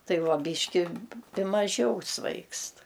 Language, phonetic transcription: Lithuanian, ˈtai ˈva ˈbyški ˈpi maˈžiau ˈsvaigst

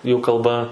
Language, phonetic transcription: Lithuanian, jų kalˈba

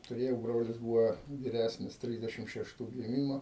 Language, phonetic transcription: Lithuanian, tuˈrėjau ˈbrolis ˈbūva viˈræsnis ˈtrisdešim šešˈtų giˈmimo

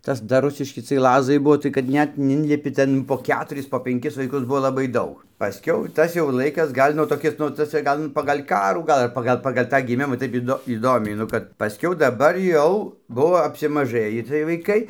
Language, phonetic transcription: Lithuanian, ˈtas dar ˈrusiški ciej ˈlazai ˈbuo tai kad ˈnet nu ˈinlipi ˈten po ˈketuris po penˈkis vaiˈkus ˈbuo ˈlabai ˈdaug paˈskiau ˈtas jau ˈlaikas ˈgal' nu toˈkis nu taˈsai ˈgal nu pagal' ˈkarų ˈgal ar ˈpagal pagal' ˈtą giˈmima ˈtaip iˈdo įˈdomiai nu ˈkad paˈskiau daˈbar ˈjau ˈbuvo apsimaˈžɘjį ciej vaiˈkai

